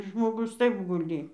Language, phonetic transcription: Lithuanian, žmoˈgus ˈtaip guˈly

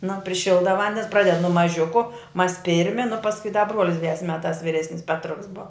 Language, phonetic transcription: Lithuanian, nu priˈšilda ˈvandens ˈpraded nu maˈžiuku mas ˈpirmi nu pasˈkui da ˈbruolis diˈdes ˈmetās viˈresnis ˈpetruks bov

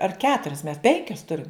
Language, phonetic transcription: Lithuanian, ar ˈketurias mes ˈpenkias ˈturim

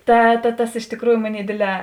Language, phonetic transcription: Lithuanian, ˈta ta ˈtas iš tikˈrųju ˈmoˌnėi ˈdėdˌlē

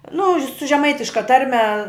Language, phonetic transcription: Lithuanian, nu ž' su žeˈmaitiška ˈtarme

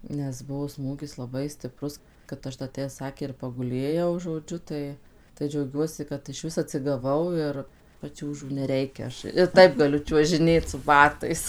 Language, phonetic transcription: Lithuanian, nes ˈbuvo ˈsmūgis laˈbai stiˈprus kad ˈaš da tę ˈsakė ir paguˈlėjau žoˈdžiu ˈtai tai džiauˈgiuosi kad išˈvis atsigaˈvau ir paˈčiūžų neˈreikia ˈaš ir ˈtaip gaˈliu čiuožiˈnėt su baˈtais

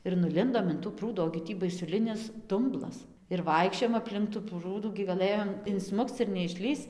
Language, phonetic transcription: Lithuanian, ir nuˈlindom in tų ˈprūdų ogi ˈtį baisuˈlinis ˈdumblas ir ˈvaikščiojom apˈlink tų ˈprūdų gi gaˈlɘjom inˈsmukc ir neišˈlįsc

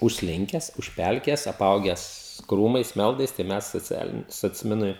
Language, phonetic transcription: Lithuanian, užsˈlinkes užˈpelkėjes aˈpaugęs ˈkrūmais ˈmeldais tai ˈmes soˈcialini socˈminui

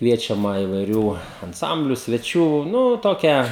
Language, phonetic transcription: Lithuanian, ˈkviečiama ivaiˈrių anˈsambliu sveˈčių ˈnu ˈtokia

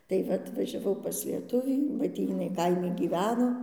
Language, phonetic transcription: Lithuanian, tai ˈva atvažiaˈvau pas lieˈtuvį ba ˈtį jiˈnai ˈkaimi gyˈveno

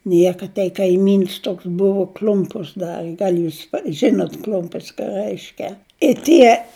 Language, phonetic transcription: Lithuanian, ˈnieka tei kaiˈmyns ˈtoks ˈbuvu ˈkl'umpus ˈdari ˈgal' ˈjūs ˈžinut ˈkl'umpis ką ˈrəiškia i ˈtie

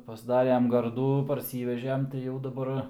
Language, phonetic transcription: Lithuanian, pasˈdarem ˈgardų parˈsyvežem tai jau daˈbar

